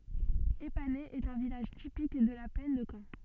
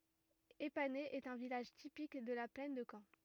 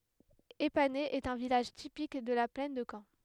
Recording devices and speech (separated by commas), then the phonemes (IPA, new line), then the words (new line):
soft in-ear microphone, rigid in-ear microphone, headset microphone, read sentence
epanɛ ɛt œ̃ vilaʒ tipik də la plɛn də kɑ̃
Épaney est un village typique de la plaine de Caen.